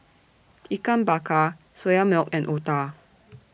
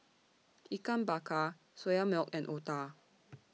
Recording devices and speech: boundary microphone (BM630), mobile phone (iPhone 6), read sentence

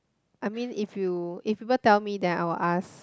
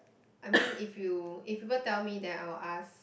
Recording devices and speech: close-talking microphone, boundary microphone, conversation in the same room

